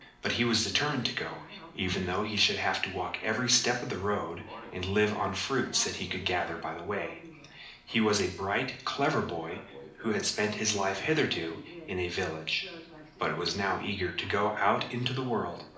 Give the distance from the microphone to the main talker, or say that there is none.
2.0 m.